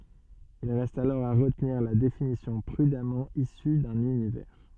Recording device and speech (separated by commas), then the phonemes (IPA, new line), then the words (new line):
soft in-ear microphone, read sentence
il ʁɛst alɔʁ a ʁətniʁ la definisjɔ̃ pʁydamɑ̃ isy dœ̃n ynivɛʁ
Il reste alors à retenir la définition prudemment issue d’un univers.